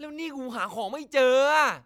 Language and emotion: Thai, angry